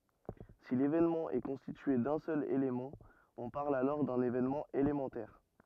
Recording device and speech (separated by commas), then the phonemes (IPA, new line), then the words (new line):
rigid in-ear microphone, read sentence
si levenmɑ̃ ɛ kɔ̃stitye dœ̃ sœl elemɑ̃ ɔ̃ paʁl alɔʁ dœ̃n evenmɑ̃ elemɑ̃tɛʁ
Si l'événement est constitué d'un seul élément, on parle alors d'un événement élémentaire.